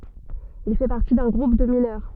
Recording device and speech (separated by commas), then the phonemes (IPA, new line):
soft in-ear microphone, read sentence
il fɛ paʁti dœ̃ ɡʁup də minœʁ